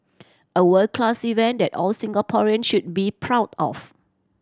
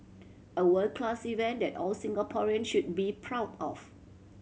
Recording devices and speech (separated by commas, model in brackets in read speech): standing microphone (AKG C214), mobile phone (Samsung C7100), read sentence